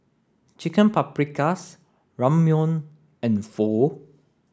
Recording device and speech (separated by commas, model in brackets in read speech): standing microphone (AKG C214), read sentence